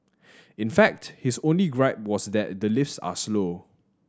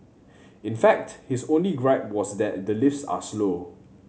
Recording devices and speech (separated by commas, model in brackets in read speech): standing microphone (AKG C214), mobile phone (Samsung C7100), read sentence